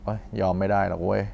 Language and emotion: Thai, frustrated